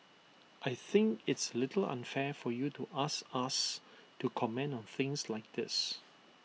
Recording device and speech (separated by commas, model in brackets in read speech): mobile phone (iPhone 6), read sentence